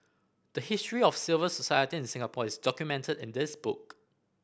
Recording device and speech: boundary microphone (BM630), read sentence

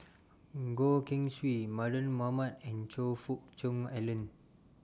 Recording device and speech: standing microphone (AKG C214), read sentence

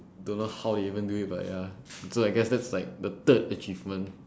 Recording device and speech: standing microphone, conversation in separate rooms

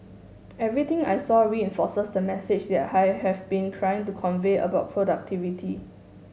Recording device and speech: mobile phone (Samsung S8), read sentence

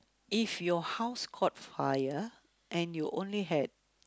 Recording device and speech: close-talking microphone, conversation in the same room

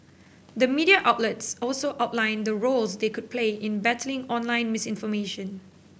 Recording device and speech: boundary microphone (BM630), read sentence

